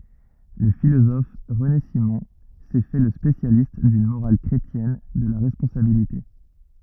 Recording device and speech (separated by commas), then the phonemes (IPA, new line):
rigid in-ear microphone, read sentence
lə filozɔf ʁəne simɔ̃ sɛ fɛ lə spesjalist dyn moʁal kʁetjɛn də la ʁɛspɔ̃sabilite